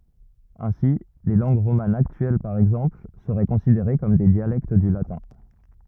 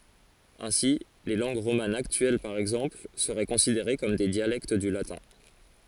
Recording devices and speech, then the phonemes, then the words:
rigid in-ear microphone, forehead accelerometer, read sentence
ɛ̃si le lɑ̃ɡ ʁomanz aktyɛl paʁ ɛɡzɑ̃pl səʁɛ kɔ̃sideʁe kɔm de djalɛkt dy latɛ̃
Ainsi, les langues romanes actuelles par exemple seraient considérées comme des dialectes du latin.

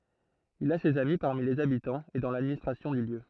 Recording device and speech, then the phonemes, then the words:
throat microphone, read sentence
il a sez ami paʁmi lez abitɑ̃z e dɑ̃ ladministʁasjɔ̃ dy ljø
Il a ses amis parmi les habitants et dans l'administration du lieu.

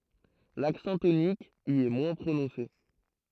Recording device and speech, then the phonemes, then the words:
throat microphone, read sentence
laksɑ̃ tonik i ɛ mwɛ̃ pʁonɔ̃se
L'accent tonique y est moins prononcé.

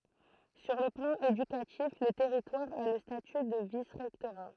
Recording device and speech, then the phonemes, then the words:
throat microphone, read sentence
syʁ lə plɑ̃ edykatif lə tɛʁitwaʁ a lə staty də visʁɛktoʁa
Sur le plan éducatif, le territoire a le statut de vice-rectorat.

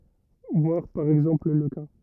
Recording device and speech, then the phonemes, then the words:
rigid in-ear microphone, read sentence
vwaʁ paʁ ɛɡzɑ̃pl lə ka
Voir par exemple le cas.

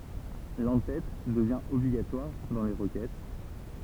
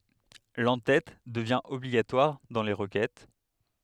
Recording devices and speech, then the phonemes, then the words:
temple vibration pickup, headset microphone, read sentence
lɑ̃tɛt dəvjɛ̃ ɔbliɡatwaʁ dɑ̃ le ʁəkɛt
L'en-tête devient obligatoire dans les requêtes.

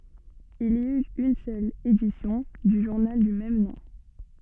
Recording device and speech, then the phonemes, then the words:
soft in-ear microphone, read sentence
il i yt yn sœl edisjɔ̃ dy ʒuʁnal dy mɛm nɔ̃
Il y eut une seule édition du journal du même nom.

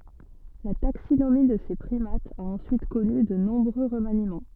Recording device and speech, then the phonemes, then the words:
soft in-ear microphone, read sentence
la taksinomi də se pʁimatz a ɑ̃syit kɔny də nɔ̃bʁø ʁəmanimɑ̃
La taxinomie de ces primates a ensuite connu de nombreux remaniements.

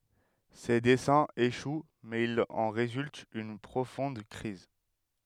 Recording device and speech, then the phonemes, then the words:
headset microphone, read sentence
se dɛsɛ̃z eʃw mɛz il ɑ̃ ʁezylt yn pʁofɔ̃d kʁiz
Ses desseins échouent, mais il en résulte une profonde crise.

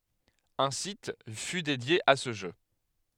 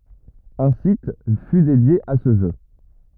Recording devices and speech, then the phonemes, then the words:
headset microphone, rigid in-ear microphone, read sentence
œ̃ sit fy dedje a sə ʒø
Un site fut dédié à ce jeu.

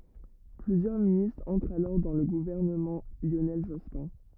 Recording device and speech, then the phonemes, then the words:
rigid in-ear microphone, read sentence
plyzjœʁ ministʁz ɑ̃tʁt alɔʁ dɑ̃ lə ɡuvɛʁnəmɑ̃ ljonɛl ʒɔspɛ̃
Plusieurs ministres entrent alors dans le gouvernement Lionel Jospin.

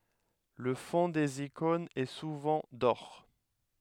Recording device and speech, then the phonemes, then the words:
headset microphone, read sentence
lə fɔ̃ dez ikɔ̃nz ɛ suvɑ̃ dɔʁ
Le fonds des icônes est souvent d'or.

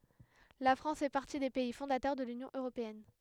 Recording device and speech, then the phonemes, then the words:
headset microphone, read sentence
la fʁɑ̃s fɛ paʁti de pɛi fɔ̃datœʁ də lynjɔ̃ øʁopeɛn
La France fait partie des pays fondateurs de l'Union européenne.

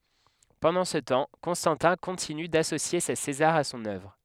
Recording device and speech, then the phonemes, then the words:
headset microphone, read sentence
pɑ̃dɑ̃ sə tɑ̃ kɔ̃stɑ̃tɛ̃ kɔ̃tiny dasosje se sezaʁz a sɔ̃n œvʁ
Pendant ce temps, Constantin continue d'associer ses Césars à son œuvre.

